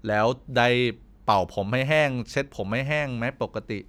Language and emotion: Thai, neutral